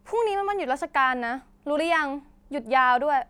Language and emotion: Thai, angry